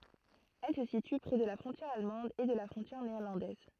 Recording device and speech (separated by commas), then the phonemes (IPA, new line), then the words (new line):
throat microphone, read sentence
ɛl sə sity pʁɛ də la fʁɔ̃tjɛʁ almɑ̃d e də la fʁɔ̃tjɛʁ neɛʁlɑ̃dɛz
Elle se situe près de la frontière allemande et de la frontière néerlandaise.